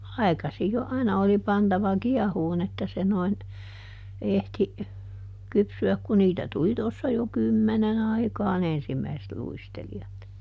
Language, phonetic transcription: Finnish, "ai̮kasij jo ˈaina oli pantava "kiɛhuun ‿että se noin , ˈehti , ˈkypsy₍äk ku ˈniitä tuli tossa jo "kymmenen ‿aikaaˈn ‿ensimmäiset ˈluisteli₍at .
- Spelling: aikaisin jo aina oli pantava kiehumaan että se noin ehti kypsyä kun niitä tuli tuossa jo kymmenen aikaan ensimmäiset luistelijat

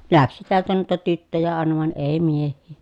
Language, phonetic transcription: Finnish, läksi tiältä nuita tyttöjä àena vàen èi mieh̆hii .
- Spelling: lähti täältä noita tyttöjä aina vain ei miehiä

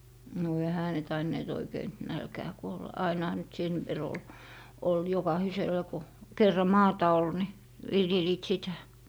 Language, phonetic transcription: Finnish, no 'ehä ne tainneet oikeiⁿ , "nälkää 'kuolla , 'ainaha nyt "sen , 've'r ‿ol , ol 'jokahisel̀a ko , 'kerra "maata ol ni , 'viljeliit "sitä .
- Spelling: no eihän ne tainneet oikein nälkään kuolla ainahan nyt sen verran oli oli jokaisella kun kerran maata oli niin viljelivät sitä

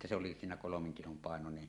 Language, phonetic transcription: Finnish, että se oli siinä 'kolomeŋ kilom pàenonen .
- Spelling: että se oli siinä kolmen kilon painoinen

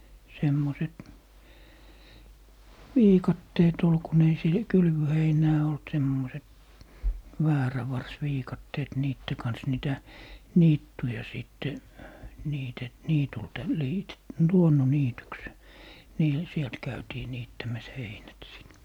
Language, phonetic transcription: Finnish, 'semmoset , "viikatteet ‿ol 'kun ‿ei 'se , "kylvöheinää olt 'semmoset , "väärävars'viikatteet 'niitte kans 'nìtä , "niittuja 'sìtte , 'niite- , 'niitulta 'liite- , "luonno'niityks , 'niil 'sielt 'käytii 'niittämäs "heinät 'sìt .
- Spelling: semmoiset viikatteet oli kun ei se kylvöheinää ollut semmoiset väärävarsiviikatteet niiden kanssa niitä niittyjä sitten - niityltä - luonnonniityksi niillä sieltä käytiin niittämässä heinät sitten

